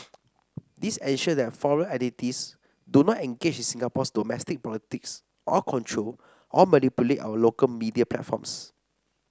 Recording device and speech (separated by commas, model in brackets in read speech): standing microphone (AKG C214), read sentence